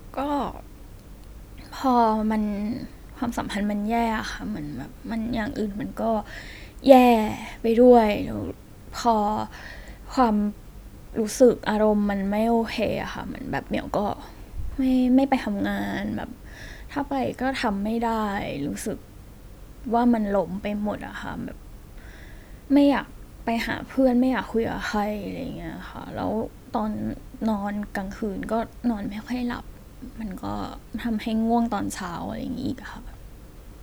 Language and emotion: Thai, sad